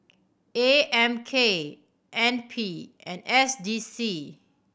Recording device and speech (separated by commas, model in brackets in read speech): boundary microphone (BM630), read sentence